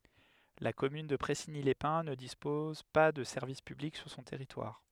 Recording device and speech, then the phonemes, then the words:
headset microphone, read sentence
la kɔmyn də pʁɛsiɲilɛspɛ̃ nə dispɔz pa də sɛʁvis pyblik syʁ sɔ̃ tɛʁitwaʁ
La commune de Pressigny-les-Pins ne dispose pas de services publics sur son territoire.

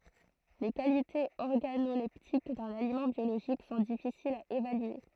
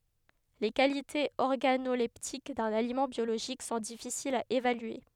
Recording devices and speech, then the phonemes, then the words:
throat microphone, headset microphone, read sentence
le kalitez ɔʁɡanolɛptik dœ̃n alimɑ̃ bjoloʒik sɔ̃ difisilz a evalye
Les qualités organoleptiques d'un aliment biologique sont difficiles à évaluer.

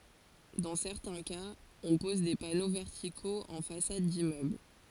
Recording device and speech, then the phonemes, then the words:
forehead accelerometer, read sentence
dɑ̃ sɛʁtɛ̃ kaz ɔ̃ pɔz de pano vɛʁtikoz ɑ̃ fasad dimmøbl
Dans certains cas, on pose des panneaux verticaux en façade d'immeuble.

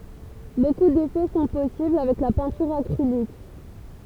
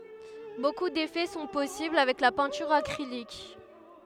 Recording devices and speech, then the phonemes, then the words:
temple vibration pickup, headset microphone, read sentence
boku defɛ sɔ̃ pɔsibl avɛk la pɛ̃tyʁ akʁilik
Beaucoup d'effets sont possibles avec la peinture acrylique.

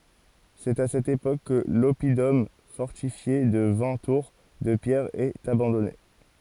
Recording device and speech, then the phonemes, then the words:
forehead accelerometer, read sentence
sɛt a sɛt epok kə lɔpidɔm fɔʁtifje də vɛ̃ tuʁ də pjɛʁ ɛt abɑ̃dɔne
C'est à cette époque que l'oppidum fortifié de vingt tours de pierre est abandonné.

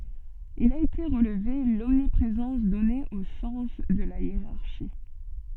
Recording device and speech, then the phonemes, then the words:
soft in-ear microphone, read sentence
il a ete ʁəlve lɔmnipʁezɑ̃s dɔne o sɑ̃s də la jeʁaʁʃi
Il a été relevé l'omniprésence donnée au sens de la hiérarchie.

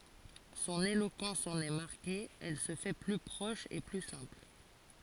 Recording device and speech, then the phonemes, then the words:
forehead accelerometer, read sentence
sɔ̃n elokɑ̃s ɑ̃n ɛ maʁke ɛl sə fɛ ply pʁɔʃ e ply sɛ̃pl
Son éloquence en est marquée, elle se fait plus proche et plus simple.

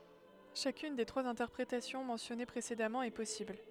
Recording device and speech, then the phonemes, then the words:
headset microphone, read sentence
ʃakyn de tʁwaz ɛ̃tɛʁpʁetasjɔ̃ mɑ̃sjɔne pʁesedamɑ̃ ɛ pɔsibl
Chacune des trois interprétations mentionnées précédemment est possible.

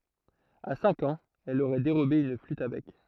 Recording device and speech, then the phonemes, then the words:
throat microphone, read sentence
a sɛ̃k ɑ̃z ɛl oʁɛ deʁobe yn flyt a bɛk
À cinq ans, elle aurait dérobé une flûte à bec.

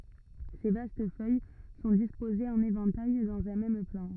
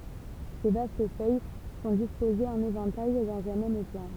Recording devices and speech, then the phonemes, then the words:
rigid in-ear microphone, temple vibration pickup, read sentence
se vast fœj sɔ̃ dispozez ɑ̃n evɑ̃taj dɑ̃z œ̃ mɛm plɑ̃
Ses vastes feuilles sont disposées en éventail, dans un même plan.

